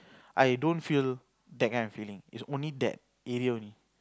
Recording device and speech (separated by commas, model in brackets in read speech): close-talking microphone, conversation in the same room